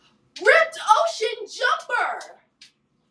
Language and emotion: English, happy